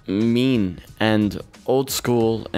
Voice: monotone